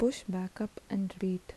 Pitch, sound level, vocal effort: 195 Hz, 76 dB SPL, soft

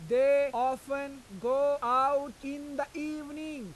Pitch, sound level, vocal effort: 275 Hz, 100 dB SPL, very loud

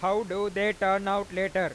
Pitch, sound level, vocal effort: 195 Hz, 101 dB SPL, very loud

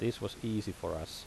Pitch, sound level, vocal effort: 100 Hz, 79 dB SPL, normal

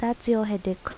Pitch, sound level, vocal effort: 220 Hz, 78 dB SPL, soft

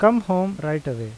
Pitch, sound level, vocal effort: 185 Hz, 87 dB SPL, normal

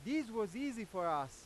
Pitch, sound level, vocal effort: 220 Hz, 100 dB SPL, very loud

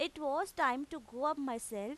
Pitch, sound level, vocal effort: 285 Hz, 92 dB SPL, loud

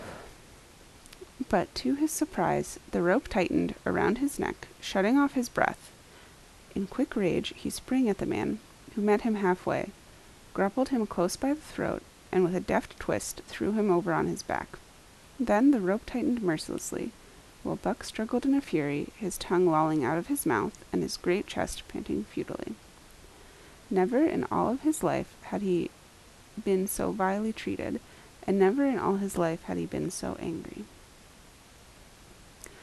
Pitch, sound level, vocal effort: 210 Hz, 76 dB SPL, soft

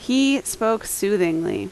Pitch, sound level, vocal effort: 220 Hz, 83 dB SPL, very loud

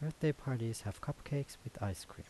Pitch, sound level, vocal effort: 125 Hz, 76 dB SPL, soft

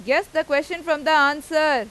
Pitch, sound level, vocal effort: 305 Hz, 98 dB SPL, loud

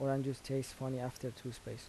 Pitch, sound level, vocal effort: 130 Hz, 79 dB SPL, soft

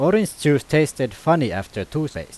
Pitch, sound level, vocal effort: 145 Hz, 91 dB SPL, very loud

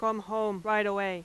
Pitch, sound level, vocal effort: 210 Hz, 93 dB SPL, very loud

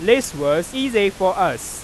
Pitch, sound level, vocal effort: 200 Hz, 100 dB SPL, very loud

